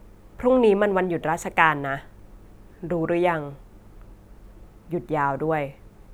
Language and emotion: Thai, neutral